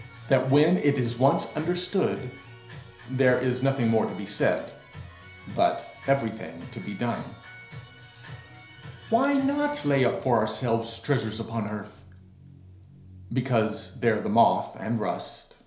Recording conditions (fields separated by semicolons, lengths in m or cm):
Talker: one person; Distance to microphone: 1.0 m; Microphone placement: close; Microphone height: 1.1 m; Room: small (3.7 m by 2.7 m); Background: music